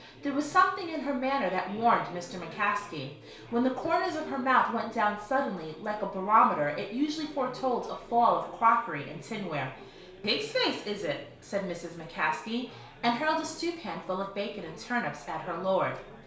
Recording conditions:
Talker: one person; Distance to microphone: 1.0 m; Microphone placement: close; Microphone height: 1.1 m; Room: small (3.7 m by 2.7 m); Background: babble

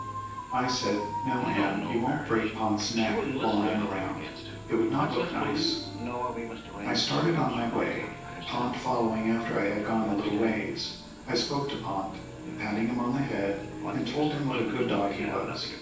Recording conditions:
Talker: one person; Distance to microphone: 9.8 m; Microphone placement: far; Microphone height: 1.8 m; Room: large; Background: television

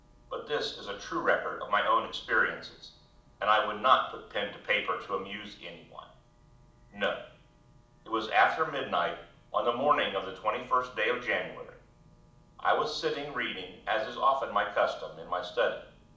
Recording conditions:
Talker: one person; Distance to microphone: 2.0 m; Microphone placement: close; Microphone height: 99 cm; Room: medium-sized (5.7 m by 4.0 m); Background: none

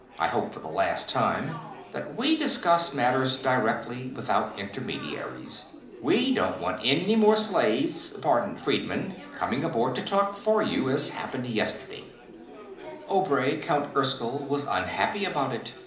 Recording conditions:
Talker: one person; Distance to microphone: 2.0 m; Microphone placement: close; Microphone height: 99 cm; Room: medium-sized (5.7 m by 4.0 m); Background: babble

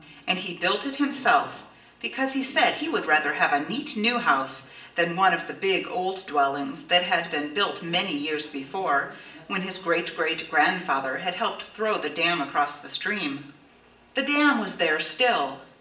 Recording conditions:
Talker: one person; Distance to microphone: 1.8 m; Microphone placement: close; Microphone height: 1.0 m; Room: large; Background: television

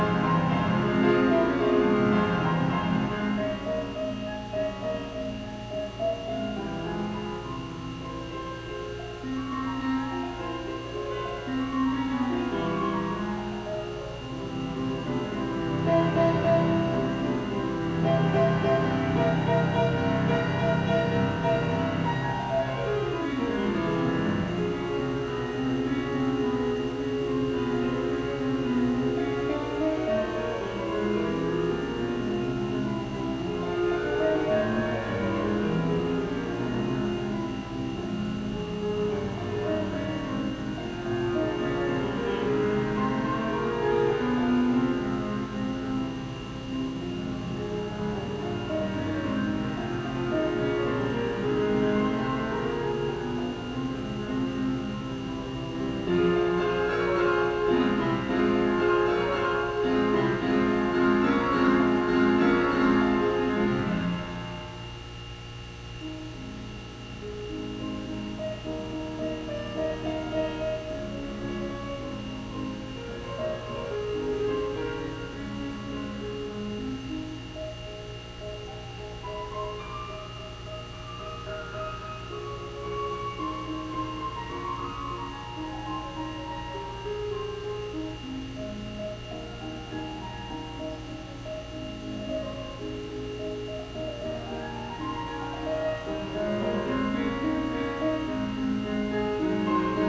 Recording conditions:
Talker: no one; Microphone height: 1.7 m; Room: very reverberant, large; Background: music

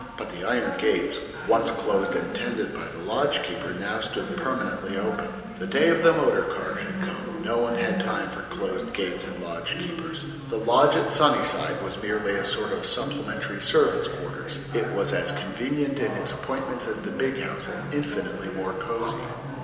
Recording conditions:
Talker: one person; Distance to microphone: 1.7 m; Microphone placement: close; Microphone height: 1.0 m; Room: very reverberant, large; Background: television

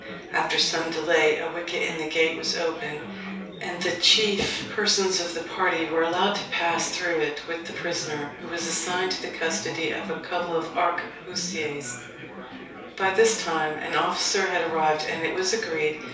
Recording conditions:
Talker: one person; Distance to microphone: 3.0 m; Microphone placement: far; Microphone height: 1.8 m; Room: small (3.7 m by 2.7 m); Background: babble

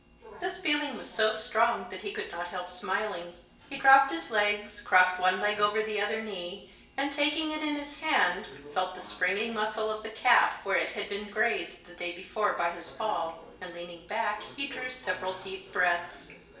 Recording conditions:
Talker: one person; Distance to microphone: 1.8 m; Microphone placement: close; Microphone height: 1.0 m; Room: large; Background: television

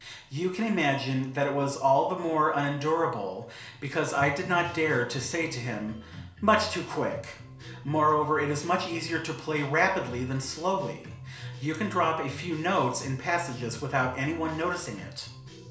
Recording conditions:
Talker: one person; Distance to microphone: 1.0 m; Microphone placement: close; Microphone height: 1.1 m; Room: small (3.7 m by 2.7 m); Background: music

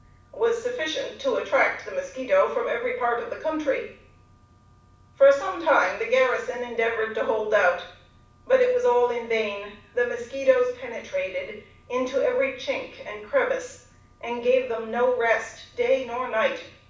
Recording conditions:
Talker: one person; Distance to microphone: 5.8 m; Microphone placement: far; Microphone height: 1.8 m; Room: medium-sized (5.7 m by 4.0 m); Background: none

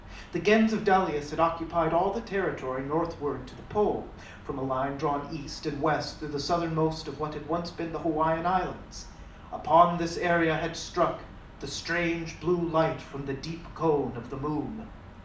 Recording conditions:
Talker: one person; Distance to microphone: 2.0 m; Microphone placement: close; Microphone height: 99 cm; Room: medium-sized (5.7 m by 4.0 m); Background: none

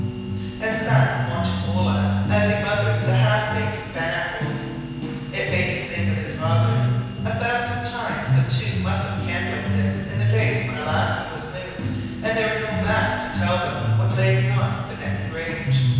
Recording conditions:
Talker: one person; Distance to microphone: 7.1 m; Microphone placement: far; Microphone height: 1.7 m; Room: very reverberant, large; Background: music

